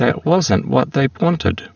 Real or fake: fake